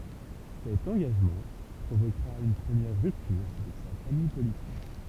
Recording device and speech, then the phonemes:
temple vibration pickup, read sentence
sɛt ɑ̃ɡaʒmɑ̃ pʁovokʁa yn pʁəmjɛʁ ʁyptyʁ avɛk sa famij politik

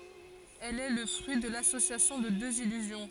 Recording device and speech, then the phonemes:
forehead accelerometer, read sentence
ɛl ɛ lə fʁyi də lasosjasjɔ̃ də døz ilyzjɔ̃

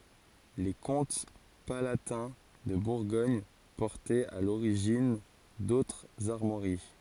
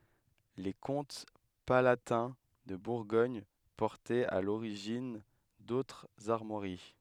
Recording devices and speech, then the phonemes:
forehead accelerometer, headset microphone, read sentence
le kɔ̃t palatɛ̃ də buʁɡɔɲ pɔʁtɛt a loʁiʒin dotʁz aʁmwaʁi

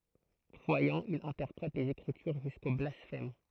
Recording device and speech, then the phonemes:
throat microphone, read sentence
kʁwajɑ̃ il ɛ̃tɛʁpʁɛt lez ekʁityʁ ʒysko blasfɛm

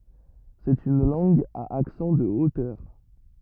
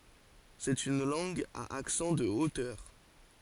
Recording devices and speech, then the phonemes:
rigid in-ear microphone, forehead accelerometer, read sentence
sɛt yn lɑ̃ɡ a aksɑ̃ də otœʁ

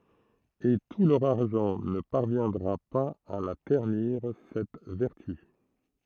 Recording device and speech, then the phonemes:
throat microphone, read sentence
e tu lœʁ aʁʒɑ̃ nə paʁvjɛ̃dʁa paz a la tɛʁniʁ sɛt vɛʁty

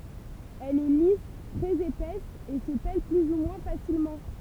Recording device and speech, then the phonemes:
temple vibration pickup, read sentence
ɛl ɛ lis tʁɛz epɛs e sə pɛl ply u mwɛ̃ fasilmɑ̃

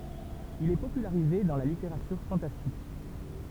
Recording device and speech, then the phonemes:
temple vibration pickup, read sentence
il ɛ popylaʁize dɑ̃ la liteʁatyʁ fɑ̃tastik

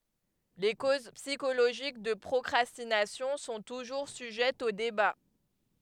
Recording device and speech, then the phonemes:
headset microphone, read sentence
le koz psikoloʒik də pʁɔkʁastinasjɔ̃ sɔ̃ tuʒuʁ syʒɛtz o deba

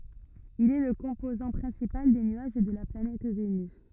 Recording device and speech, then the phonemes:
rigid in-ear microphone, read sentence
il ɛ lə kɔ̃pozɑ̃ pʁɛ̃sipal de nyaʒ də la planɛt venys

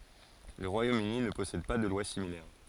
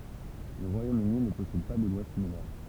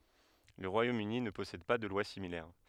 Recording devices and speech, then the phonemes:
forehead accelerometer, temple vibration pickup, headset microphone, read sentence
lə ʁwajomøni nə pɔsɛd pa də lwa similɛʁ

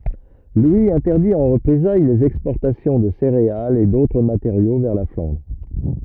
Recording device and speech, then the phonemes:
rigid in-ear microphone, read sentence
lwi ɛ̃tɛʁdi ɑ̃ ʁəpʁezaj lez ɛkspɔʁtasjɔ̃ də seʁealz e dotʁ mateʁjo vɛʁ la flɑ̃dʁ

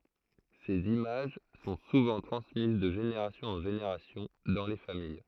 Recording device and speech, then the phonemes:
throat microphone, read sentence
sez imaʒ sɔ̃ suvɑ̃ tʁɑ̃smiz də ʒeneʁasjɔ̃z ɑ̃ ʒeneʁasjɔ̃ dɑ̃ le famij

